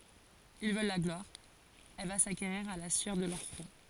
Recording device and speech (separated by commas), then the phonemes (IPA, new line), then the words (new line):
forehead accelerometer, read sentence
il vœl la ɡlwaʁ ɛl va sakeʁiʁ a la syœʁ də lœʁ fʁɔ̃
Ils veulent la gloire, elle va s’acquérir à la sueur de leur front.